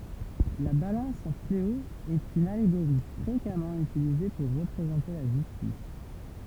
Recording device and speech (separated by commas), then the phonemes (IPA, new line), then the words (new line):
temple vibration pickup, read sentence
la balɑ̃s a fleo ɛt yn aleɡoʁi fʁekamɑ̃ ytilize puʁ ʁəpʁezɑ̃te la ʒystis
La balance à fléau est une allégorie fréquemment utilisée pour représenter la justice.